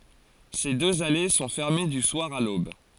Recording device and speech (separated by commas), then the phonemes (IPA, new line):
forehead accelerometer, read sentence
se døz ale sɔ̃ fɛʁme dy swaʁ a lob